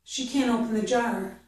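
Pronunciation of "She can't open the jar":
The word heard is 'can't', not 'can'. The t in 'can't' is not heard, but the word has an ah vowel.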